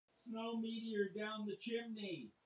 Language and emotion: English, fearful